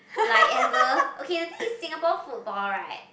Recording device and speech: boundary microphone, conversation in the same room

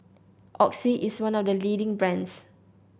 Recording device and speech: boundary microphone (BM630), read sentence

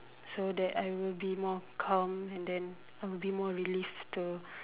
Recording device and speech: telephone, conversation in separate rooms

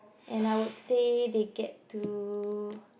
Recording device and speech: boundary microphone, conversation in the same room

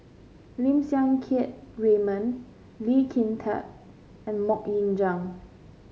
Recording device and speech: mobile phone (Samsung C5), read sentence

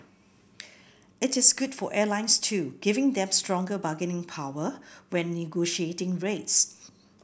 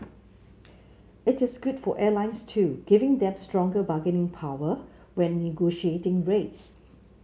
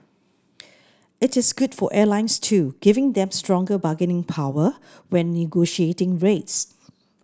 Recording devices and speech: boundary microphone (BM630), mobile phone (Samsung C7), standing microphone (AKG C214), read sentence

